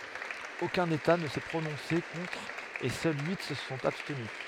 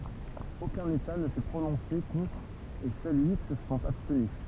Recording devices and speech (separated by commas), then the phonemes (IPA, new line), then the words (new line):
headset microphone, temple vibration pickup, read sentence
okœ̃n eta nə sɛ pʁonɔ̃se kɔ̃tʁ e sœl yi sə sɔ̃t abstny
Aucun État ne s'est prononcé contre et seuls huit se sont abstenus.